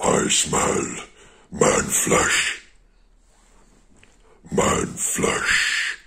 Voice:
impersonates monster voice